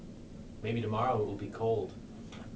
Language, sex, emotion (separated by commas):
English, male, neutral